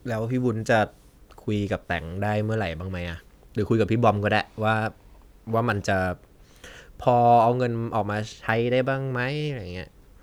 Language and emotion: Thai, frustrated